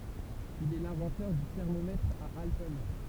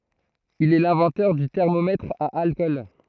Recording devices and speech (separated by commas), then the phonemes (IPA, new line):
temple vibration pickup, throat microphone, read sentence
il ɛ lɛ̃vɑ̃tœʁ dy tɛʁmomɛtʁ a alkɔl